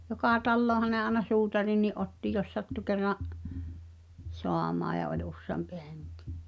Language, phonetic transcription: Finnish, jokà 'tallooha aĕna "suutarinni’ '’otti jos 'sattu kerra’ , "soamaaʲ ja oĺ 'usseampi 'hᴇᴎkɪ .
- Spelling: joka taloonhan aina suutarinkin otti jos sattui kerran saamaan ja oli useampi henki

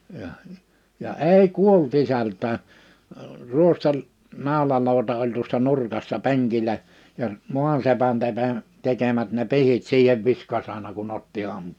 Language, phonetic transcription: Finnish, jaʰ , ja "èi "kuol't ‿isält̀ää , 'ruostel- , 'nàolalòu̬ta oĺ tuossa 'nurkassa 'peŋkilä , ja , 'mua(n)sepän tepe- , 'tekemät ne 'pihit 'siihev 'viskas ‿àena ku'n ‿otti 'ham- .
- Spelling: ja ja ei kuollut isältäkään - ruostenaulalauta oli tuossa nurkassa penkillä ja maasepän - tekemät ne pihdit siihen viskasi aina kun otti -

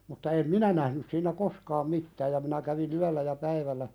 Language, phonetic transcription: Finnish, mutta em "minä nähnys siin̆nä "koskaam 'mittääj ja minä kävi"n ‿yällä ja 'päivällä ,.
- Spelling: mutta en minä nähnyt siinä koskaan mitään ja minä kävin yöllä ja päivällä

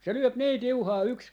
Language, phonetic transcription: Finnish, se 'lyöp 'nii "tiuhaa yks , .
- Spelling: se lyö niin tiuhaa yksi

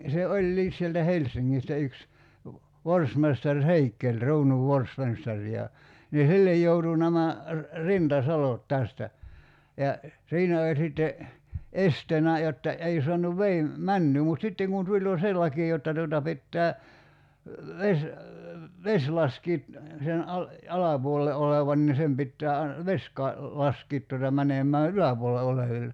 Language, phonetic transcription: Finnish, se 'oĺĺiis sieltä "Hels̀iŋŋistä yks , 'vorsmestar "Heikkeĺ 'ruunuv "vorsmestar ja , ni "sillej joutu nämä , "rinta"salot 'tästä , ja , 'siinä oĺ sitte , "esteenä jotta , 'ei soanuv 'vei , "männyy mut 'sitteŋ kun 'tuĺ jo "se laki jotta tuota 'pittää , 'ves , "veś 'laskiit , sen '’al- , "alapuolell(a) 'olevan ni 'sem pittää ain- , "veś ka- , 'laskiit tuota 'mänem̀ää "yläpuol(el)la olevil(le) .
- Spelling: se olikin sieltä Helsingistä yksi forstmestari Heikel kruunun forstmestari ja niin sille joutui nämä rintasalot tästä ja siinä oli sitten esteenä jotta ei saanut veden menoa mutta sitten kun tuli jo se laki jotta tuota pitää vesi vesi laskea sen - alapuolella olevan niin sen pitää - vesi - laskea tuota menemään yläpuolella oleville

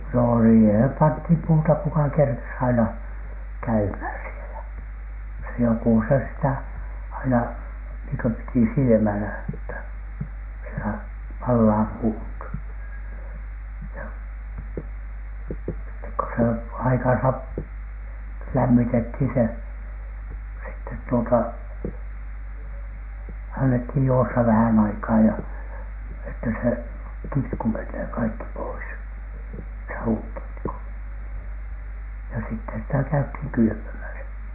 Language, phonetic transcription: Finnish, no siihem 'panthìm 'puuta kuka kerkes aina , "käymhä̀n sielä , se 'joku se sitä , aina niiŋ kö 'piti "silⁱmälä että , sielä 'pallaa "puut , ja sittek ‿ko se 'aikansa p- , 'lämmitethin se , sittet tuota , annethij 'juossa vähän aikaa ja , että 'se , "kitku mennee kaikki pois , "sauŋkitku , ja sittes sitä 'käythiŋ "kylʸpömäsä .
- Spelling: no siihen pantiin puuta kuka kerkesi aina käymään siellä se joku se sitä aina niin kuin piti silmällä että siellä palaa puut ja sitten kun se aikansa - lämmitettiin se sitten tuota annettiin juosta vähän aikaa ja että se kitku menee kaikki pois saunakitku ja sitten sitä käytiin kylpemässä

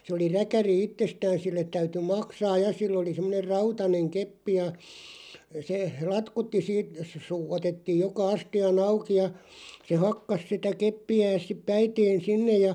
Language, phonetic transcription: Finnish, se oli 'räkäri "ittestään sillet 'täyty "maksaaj "ja 'sill ‿oli semᵐᵒner "rautaneŋ 'keppi ja , se , "latkutti 'siit , suu- 'otettiiʲ 'joka "asti₍a'n ‿auki ja , se "hakkas sitä 'keppi₍ääs sip 'päiteen̬ "sinnej ja ,.
- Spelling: se oli räkäri itsestään sille täytyi maksaa ja sillä oli semmoinen rautainen keppi ja se latkutti siitä - otettiin joka astian auki ja se hakkasi sitä keppiään sitten päiteen sinne ja

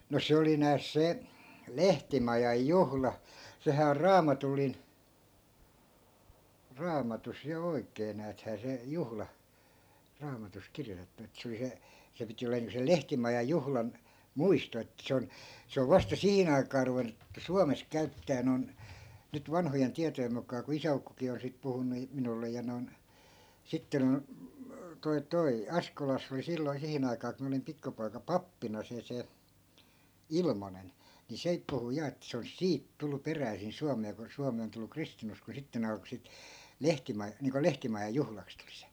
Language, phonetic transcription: Finnish, no 'se oli nääs 'se , "lehtimajaj "juhla , sehää or 'raamatullin , 'raamatus ja 'oi̮k̀ee nääthää se , 'juhla , 'raamatus 'kirjotettu et se oli 'se , 'se piti oleen niiŋko 'sel "lehtimajaj̆ 'juhlan , "muisto että 'se on , 'se ov vasta 'sihin ‿ai̮kaa ruven̆nu , 'suames 'käyttää non , nyt 'vanhojen 'tiatojem muk̀aa ku 'isä₍ukkokii on sit 'puhunnu , 'minulle ja noi̮n , 'sitten , 'toi̮ 'toi̮ , "askolass ‿oli 'silloi̮ 'sihin ‿aikaa ku mi(n) olim 'pikkupoika "pappina se 'se , "ilmonen , ni 'seip 'puhu ja et se olis "siit 'tullu 'peräisin 'suamee ko 'suami on tullu 'kristinuskoo 'sitte ne 'alko sit , 'lehtima- , niiŋko "lehtimajaj̆ 'juhlaks tulI SE .
- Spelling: no se oli nääs se lehtimajan juhla sehän on raamatullinen raamatussa ja oikein näethän se juhla raamatussa kirjoitettu että se oli se se piti olemaan niin kuin sen lehtimajan juhlan muisto että se on se on vasta siihen aikaan ruvennut Suomessa käyttämään noin nyt vanhojen tietojen mukaan kun isäukkokin on sitten puhunut minulle ja noin sitten tuo tuo Askolassa oli silloin siihen aikaan kun minä olin pikkupoika pappina se se Ilmonen niin sekin puhui ja että se olisi siitä tullut peräisin Suomeen kun Suomi on tullut kristinuskoon sitten ne alkoi sitten - niin kuin lehtimajan juhlaksi tulla se

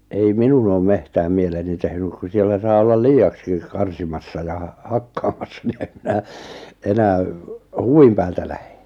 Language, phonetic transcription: Finnish, ei 'minun ‿oom 'mehtääm 'mieleni tehnyk ku 'siellä saa 'ollal "lii₍akskik 'karsimassa ja , 'hakkaamassa ni em 'minä , 'enää , "huvim päältä lähᴇ .
- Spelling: ei minun ole metsään mieleni tehnyt kun siellä saa olla liiaksikin karsimassa ja hakkaamassa niin en minä enää huvin päältä lähde

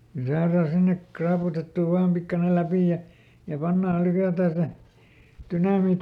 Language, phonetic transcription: Finnish, (ko) ˈsaaraa ˈsinnek "kraaputettù vaam ˈpikkanel̆ ˈläpì ja , ja ˈpannaal̆ ˈlykätää se , ˈtynamiit-
- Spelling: kun saadaan sinne raaputettua vain pikkuinen läpi ja ja pannaan lykätään se dynamiitti

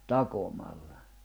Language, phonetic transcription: Finnish, takomalla .
- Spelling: takomalla

